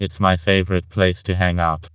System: TTS, vocoder